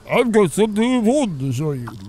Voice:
strange voice